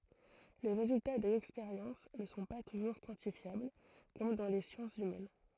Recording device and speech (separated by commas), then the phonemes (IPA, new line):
throat microphone, read sentence
le ʁezylta dez ɛkspeʁjɑ̃s nə sɔ̃ pa tuʒuʁ kwɑ̃tifjabl kɔm dɑ̃ le sjɑ̃sz ymɛn